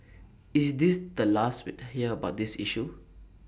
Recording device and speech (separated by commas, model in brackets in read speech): boundary microphone (BM630), read sentence